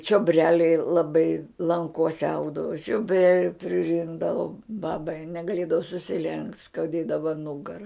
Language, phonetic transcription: Lithuanian, čioˈbreliai laˈbai lanˈkose ˈaugdavu čioˈbreliu priˈrinkdavum ˈbabai negaˈlėdavo susiˈlenkt' skauˈdėdava ˈnugara

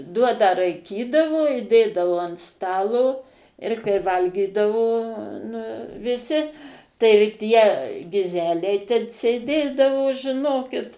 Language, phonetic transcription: Lithuanian, ˈduoną raiˈkydavo i ˈdėdavo ant ˈstalo ir kai ˈvalgydavo nu viˈsi tai ir ˈtie giˈzeliai ten sėˈdėdavo žiˈnokit

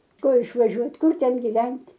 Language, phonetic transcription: Lithuanian, ˈkur išvaˈžiuot' ˈkur ˈten giˈvent'

